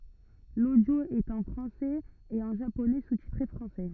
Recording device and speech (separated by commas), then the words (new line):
rigid in-ear microphone, read sentence
L'audio est en français et en japonais sous-titré français.